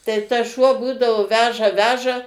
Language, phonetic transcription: Lithuanian, tai ˈtas ˈšuo ˈbūdavo ˈveža ˈveža

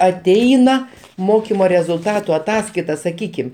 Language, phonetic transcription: Lithuanian, aˈteina ˈmokimo rezulˈtatu aˈtaskaita saˈkykim

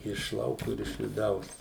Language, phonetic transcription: Lithuanian, iš ˈlauku ir iš viˈdaus

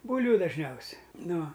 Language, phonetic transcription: Lithuanian, ˈbūlviu dažˈniausia nu

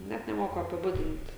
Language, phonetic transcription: Lithuanian, ˈnet neˈmoku apiˈbudint

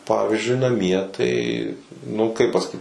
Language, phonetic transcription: Lithuanian, ˈpavyzdžiui naˈmie ˈtai nu kaip pasaˈkyt

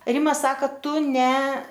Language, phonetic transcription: Lithuanian, ˈrima ˈsaka ˈtu ne

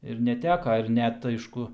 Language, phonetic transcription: Lithuanian, ir neˈteka ir ˈnet ˈaišku

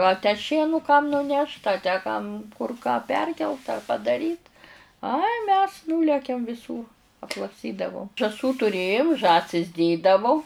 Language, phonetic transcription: Lithuanian, a tę ˈšienu kam nuˈnešt a tę kam kur ką ˈperkelt a padaˈryt ai mes ˈnūlekiam viˈsūr atlakˈstydavom žąˈsų tuˈrėjom ˈžąsis ˈdėdavo

